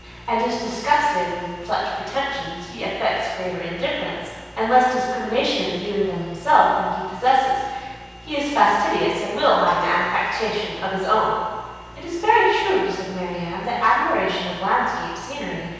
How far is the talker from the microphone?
7.1 m.